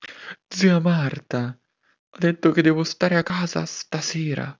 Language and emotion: Italian, sad